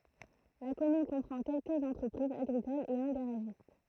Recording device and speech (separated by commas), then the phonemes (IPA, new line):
throat microphone, read sentence
la kɔmyn kɔ̃pʁɑ̃ kɛlkəz ɑ̃tʁəpʁizz aɡʁikolz e œ̃ ɡaʁaʒist